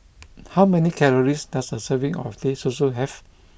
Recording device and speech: boundary microphone (BM630), read sentence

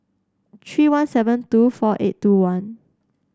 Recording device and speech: standing microphone (AKG C214), read sentence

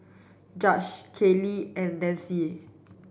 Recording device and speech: boundary microphone (BM630), read sentence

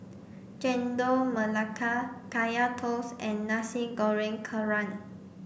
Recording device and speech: boundary microphone (BM630), read sentence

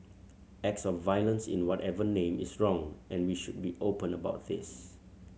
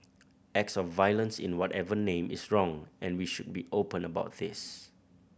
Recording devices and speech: mobile phone (Samsung C7100), boundary microphone (BM630), read sentence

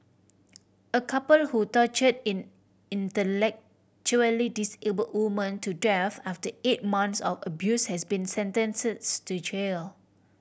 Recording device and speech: boundary microphone (BM630), read sentence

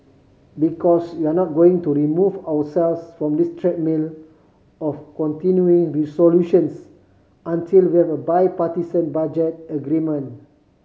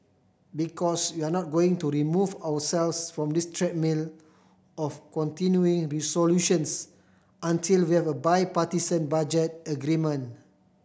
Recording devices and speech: mobile phone (Samsung C5010), boundary microphone (BM630), read sentence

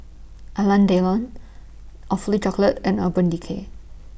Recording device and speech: boundary microphone (BM630), read sentence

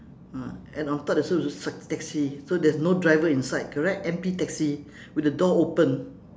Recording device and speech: standing microphone, conversation in separate rooms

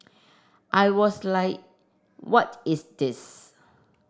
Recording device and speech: standing microphone (AKG C214), read sentence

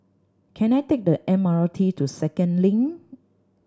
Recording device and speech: standing microphone (AKG C214), read sentence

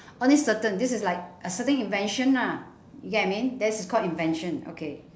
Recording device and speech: standing microphone, conversation in separate rooms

